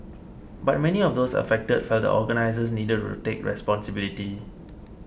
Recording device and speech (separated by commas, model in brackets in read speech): boundary microphone (BM630), read sentence